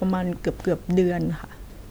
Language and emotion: Thai, sad